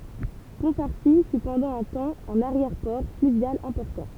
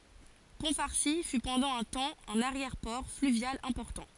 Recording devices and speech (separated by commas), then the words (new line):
temple vibration pickup, forehead accelerometer, read sentence
Pont-Farcy fut pendant un temps un arrière-port fluvial important.